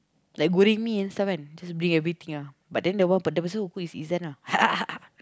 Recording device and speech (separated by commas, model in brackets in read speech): close-talking microphone, conversation in the same room